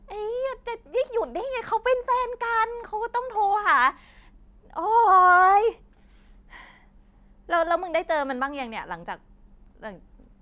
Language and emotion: Thai, frustrated